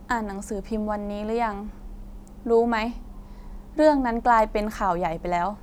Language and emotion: Thai, neutral